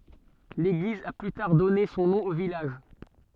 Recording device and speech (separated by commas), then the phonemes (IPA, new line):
soft in-ear microphone, read sentence
leɡliz a ply taʁ dɔne sɔ̃ nɔ̃ o vilaʒ